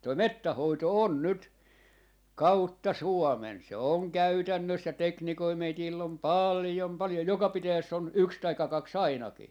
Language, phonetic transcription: Finnish, toi "mettäh 'hoito "on "nyt , "kautta "Suɔmen , se oŋ 'käytännös̆sä , 'teknikoi 'meitiil'l ‿om "palⁱjom 'palⁱjoj 'joka 'pitäjäss ‿on "yks taikka 'kak"s ‿ainaki .
- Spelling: tuo metsän hoito on nyt kautta Suomen se on käytännössä teknikoita meillä on paljon paljon joka pitäjässä on yksi tai kaksi ainakin

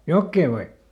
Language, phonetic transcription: Finnish, "jokkee , vai ?
- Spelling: jokea vai

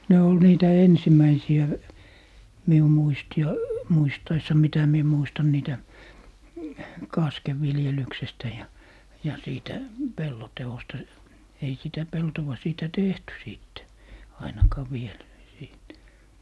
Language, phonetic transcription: Finnish, 'ne ol 'niitä "ensim̀äisi₍ä , 'miu 'muisti ai- , 'muistaissa 'mitä 'mie muistan niitä , "kaskev ‿'viljelyksestä ja , ja 'siitä , "pello 'te₍osta , 'ei sitä "peltowa 'siitä "tehty 'sìtte , "ainakaa 'viel , siit .
- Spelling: ne oli niitä ensimmäisiä minun muistin - muistaessa mitä minä muistan niitä kasken viljelyksestä ja ja siitä pellon teosta ei sitä peltoa siitä tehty sitten ainakaan vielä siitä

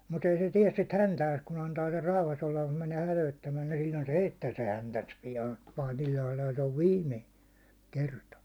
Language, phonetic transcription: Finnish, mut ‿ei se 'tiɛs sit 'häntääs kun antaa ser 'rauhas ‿olla mut mänee 'hätöittämää ni sill̜oin se "heittää se 'häntäns 'pijaan , 'paatil lailalt ‿ov 'viimme , 'kerta .
- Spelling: mutta ei se tee sitä häntäänsä kun antaa sen rauhassa olla mutta menee hätyyttämään niin silloin se heittää se häntänsä pian paatin laidalta on viime kerta

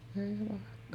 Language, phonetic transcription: Finnish, èi vàekka ,.
- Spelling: ei vaikka

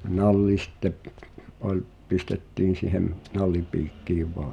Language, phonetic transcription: Finnish, 'nalli sⁱtte , 'oĺ , 'pistettiin̬ sìhem , 'nallipiikkiiv vᴏᴀ (ᴊᴀ) .
- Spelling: nalli sitten oli pistettiin siihen nallipiikkiin vain ja

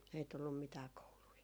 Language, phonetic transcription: Finnish, ei tullum 'mitää 'koului .
- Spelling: ei tullut mitään kouluja

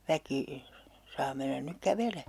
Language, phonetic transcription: Finnish, 'väki , 'saa mennän nyk 'kävelee .
- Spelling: väki saa mennä nyt kävelemään

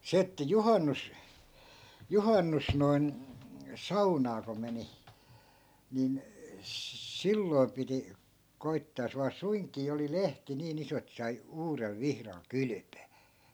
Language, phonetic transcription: Finnish, 'se että "juhannus- , 'juhannus- noi̮n , "-saunaa ko 'meni , 'nin , 'silloi̮m piti , 'koittaa jos vaa "suiŋkii oli 'lehti 'niin ‿iso et sai 'uurel 'vihral "kylʸpöö .
- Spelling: se että - juhannus noin saunaan kun meni niin silloin piti koettaa jos vain suinkin oli lehti niin iso että sai uudella vihdalla kylpeä

